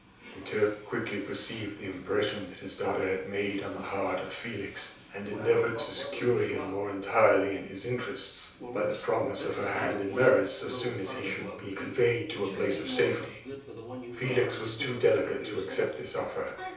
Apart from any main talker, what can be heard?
A television.